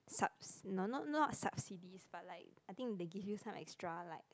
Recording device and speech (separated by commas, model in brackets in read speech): close-talking microphone, conversation in the same room